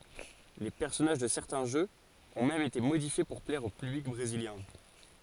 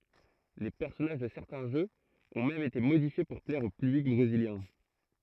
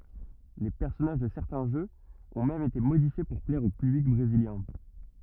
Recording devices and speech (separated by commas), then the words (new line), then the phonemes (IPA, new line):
forehead accelerometer, throat microphone, rigid in-ear microphone, read sentence
Les personnages de certains jeux ont même été modifiés pour plaire au public brésilien.
le pɛʁsɔnaʒ də sɛʁtɛ̃ ʒøz ɔ̃ mɛm ete modifje puʁ plɛʁ o pyblik bʁeziljɛ̃